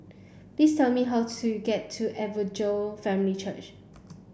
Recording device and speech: boundary microphone (BM630), read sentence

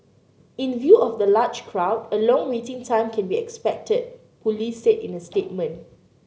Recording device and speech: mobile phone (Samsung C9), read sentence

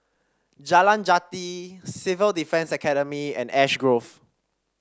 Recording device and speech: standing microphone (AKG C214), read sentence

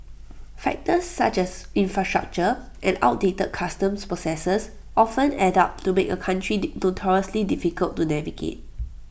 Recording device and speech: boundary microphone (BM630), read sentence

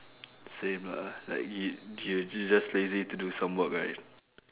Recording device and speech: telephone, conversation in separate rooms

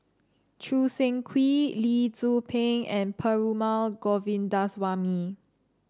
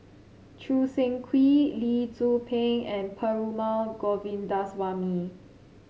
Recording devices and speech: standing microphone (AKG C214), mobile phone (Samsung C7), read sentence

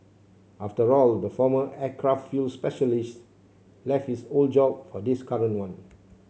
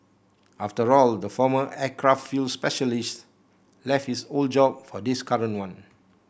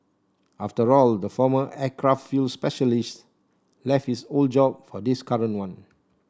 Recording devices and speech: mobile phone (Samsung C7), boundary microphone (BM630), standing microphone (AKG C214), read sentence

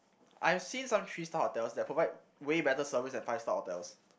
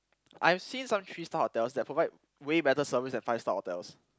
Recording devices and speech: boundary microphone, close-talking microphone, conversation in the same room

